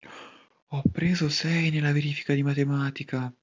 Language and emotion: Italian, surprised